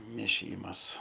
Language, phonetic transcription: Lithuanian, mėˈšymas

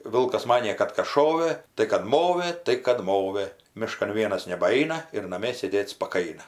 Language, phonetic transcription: Lithuanian, ˈvilkas ˈmanė ˈkad kas ˈšovɘ tai kad ˈmovɘ tai kad ˈmovɘ ˈmiškan ˈvienas nebaˈaina ir naˈmie sėˈdėt spaˈkaina

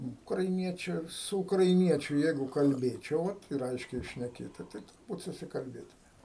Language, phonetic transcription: Lithuanian, ukraiˈniečiu su ukraiˈniečiu ˈjeigu kalˈbėčiau ˈva ir ˈaiškiai šneˈkėtu tai turˈbūt susikalˈbėtumėm

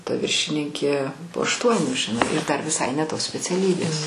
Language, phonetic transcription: Lithuanian, ta ˈviršininkė po ašˈtuonių žiˈnai ir ˈdar viˈsai ne ˈtos speciaˈlybės

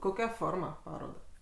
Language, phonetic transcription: Lithuanian, koˈkia ˈforma ˈparodą

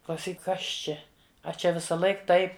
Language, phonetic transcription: Lithuanian, klauˈsyk ˈkas ˈčia a ˈčia visaˈlaik ˈtaip

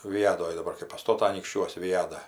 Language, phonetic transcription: Lithuanian, viˈjadoj daˈbar kai paˈstota anykšˈčiuos viˈjadą

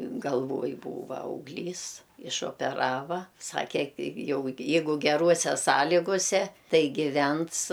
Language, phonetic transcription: Lithuanian, galˈvoj ˈbūva augˈlys išopeˈrava ˈsake ki ˈjau je ˈjeigu geˈruose ˈsąlyguse ˈtai giˈvens

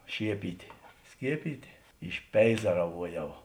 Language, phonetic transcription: Lithuanian, ˈšiepytė ˈskiepytė išˈpeizaravuoˌjau

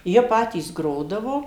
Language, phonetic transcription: Lithuanian, ˈjie ˈpatys ˈgrodavo

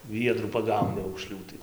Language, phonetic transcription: Lithuanian, ˈviedrų paˈgauni aukˈšlių tai

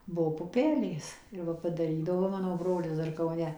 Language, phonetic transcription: Lithuanian, ˈbuo puˈpelės ir ˈva padaˈrydavo ˈmano ˈbrolis ˈdar kauˈne

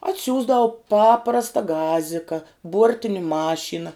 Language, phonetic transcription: Lithuanian, atˈsiųsdau ˈpaprasta ˈgazika ˈbuortini ˈmašyna

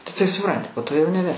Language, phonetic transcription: Lithuanian, tai taip suˈpranti po to jau neˈbe

